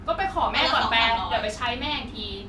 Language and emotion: Thai, frustrated